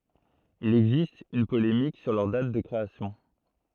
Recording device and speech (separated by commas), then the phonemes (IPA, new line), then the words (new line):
throat microphone, read sentence
il ɛɡzist yn polemik syʁ lœʁ dat də kʁeasjɔ̃
Il existe une polémique sur leur date de création.